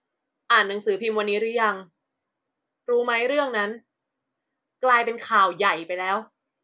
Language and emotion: Thai, frustrated